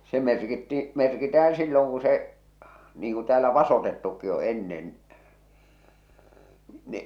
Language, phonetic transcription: Finnish, se 'merkitti , 'merkitäh̬ää̰ 'silloŋ ku se , niiŋ ku täälä "vasotettukki o 'ennen , ni .
- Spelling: se merkittiin merkitään silloin kun se niin kuin täällä vasotettukkin on ennen niin

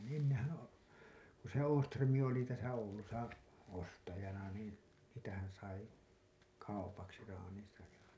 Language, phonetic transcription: Finnish, ni ennehä- , o- , ku se 'Ooström̀i oli täsä 'Oulusa , 'ostajana niin , sitähän̬ sai , 'kaupaksi raanin̬saj ja .
- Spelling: niin ennenhän - kun se Åström oli tässä Oulussa ostajana niin sitähän sai kaupaksi traaninsa ja

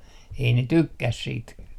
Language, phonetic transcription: Finnish, ei ne "tykkäs siit .
- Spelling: ei ne tykkää siitä

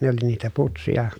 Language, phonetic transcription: Finnish, ne oli niitä putsija .
- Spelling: ne oli niitä putseja

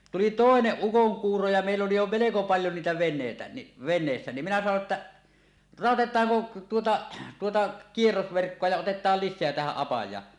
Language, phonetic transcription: Finnish, tuli "tòeneˀ 'ˀukoŋkuuro ja mèill ‿oli jo meleko paljo niitä ven̆nèitä ni , 'ven̆neessä ni , minä sano 'että , » "ràotet̆taaŋko 'tuota , 'tuota "kierrosverkkoa ja 'otet̀aal "lis̆seä tähäˀ 'ˀapaj̀aa « .
- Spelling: tuli toinen ukonkuuro ja meillä oli jo melko paljon niitä veneitä niin veneessä niin minä sanoin että raotetaanko tuota tuota kierrosverkkoa ja otetaan lisää tähän apajaan

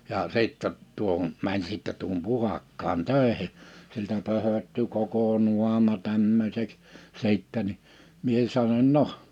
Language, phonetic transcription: Finnish, jaa 'sittä , 'tuohon , mäń sìttɛ tuohom 'Puhakkaan 'tö̀ehi̬ , siltä 'pöhötty 'koko 'nuama 'tämmöseks , 'sìttä ni , 'mie sanoń » 'noh .
- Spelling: ja sitten tuohon meni sitten tuohon Puhakkaan töihin siltä pöhöttyi koko naama tämmöiseksi sitten niin minä sanoin no

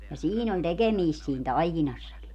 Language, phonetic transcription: Finnish, ja "siin ‿on "tekemiist siin 'taikinassaki .
- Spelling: ja siinä on tekemistä siinä taikinassakin

